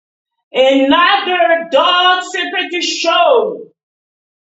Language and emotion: English, disgusted